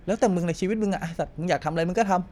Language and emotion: Thai, frustrated